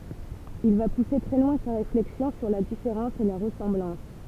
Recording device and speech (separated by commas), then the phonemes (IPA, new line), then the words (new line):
temple vibration pickup, read sentence
il va puse tʁɛ lwɛ̃ sa ʁeflɛksjɔ̃ syʁ la difeʁɑ̃s e la ʁəsɑ̃blɑ̃s
Il va pousser très loin sa réflexion sur la différence et la ressemblance.